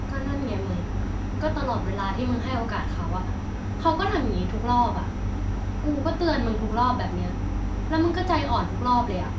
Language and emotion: Thai, frustrated